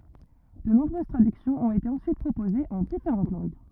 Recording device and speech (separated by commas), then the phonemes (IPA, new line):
rigid in-ear microphone, read sentence
də nɔ̃bʁøz tʁadyksjɔ̃z ɔ̃t ete ɑ̃syit pʁopozez ɑ̃ difeʁɑ̃t lɑ̃ɡ